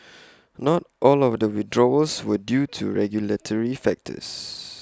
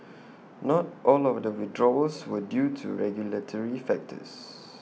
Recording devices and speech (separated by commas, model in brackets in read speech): close-talking microphone (WH20), mobile phone (iPhone 6), read sentence